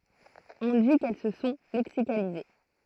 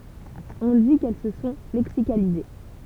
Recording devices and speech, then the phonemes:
throat microphone, temple vibration pickup, read sentence
ɔ̃ di kɛl sə sɔ̃ lɛksikalize

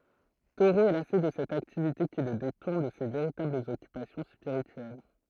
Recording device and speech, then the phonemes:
throat microphone, read sentence
toʁo ɛ lase də sɛt aktivite ki lə detuʁn də se veʁitablz ɔkypasjɔ̃ spiʁityɛl

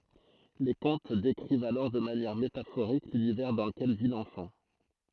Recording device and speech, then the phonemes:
throat microphone, read sentence
le kɔ̃t dekʁivt alɔʁ də manjɛʁ metafoʁik lynivɛʁ dɑ̃ ləkɛl vi lɑ̃fɑ̃

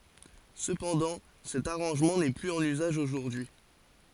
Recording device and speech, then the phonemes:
forehead accelerometer, read sentence
səpɑ̃dɑ̃ sɛt aʁɑ̃ʒmɑ̃ nɛ plyz ɑ̃n yzaʒ oʒuʁdyi

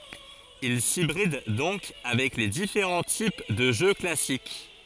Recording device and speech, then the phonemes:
forehead accelerometer, read sentence
il sibʁid dɔ̃k avɛk le difeʁɑ̃ tip də ʒø klasik

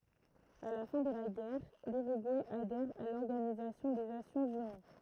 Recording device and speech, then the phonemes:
throat microphone, read sentence
a la fɛ̃ də la ɡɛʁ lyʁyɡuɛ adɛʁ a lɔʁɡanizasjɔ̃ de nasjɔ̃z yni

